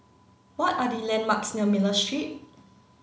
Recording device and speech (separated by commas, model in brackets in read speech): mobile phone (Samsung C9), read sentence